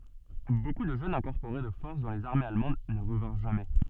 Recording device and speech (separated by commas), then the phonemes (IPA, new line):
soft in-ear microphone, read sentence
boku də ʒøn ʒɑ̃ ɛ̃kɔʁpoʁe də fɔʁs dɑ̃ lez aʁmez almɑ̃d nə ʁəvɛ̃ʁ ʒamɛ